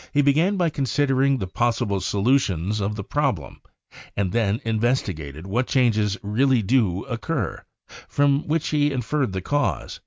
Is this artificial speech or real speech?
real